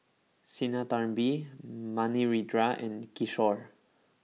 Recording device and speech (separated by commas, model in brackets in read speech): mobile phone (iPhone 6), read sentence